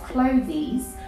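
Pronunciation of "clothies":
'Clothes' is pronounced incorrectly here.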